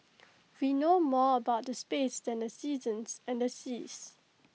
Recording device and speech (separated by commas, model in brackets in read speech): mobile phone (iPhone 6), read sentence